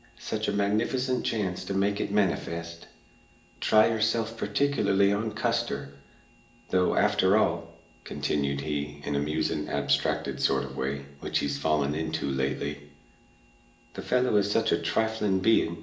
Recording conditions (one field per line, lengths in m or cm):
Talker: one person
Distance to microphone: 1.8 m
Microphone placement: close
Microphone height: 1.0 m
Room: large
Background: none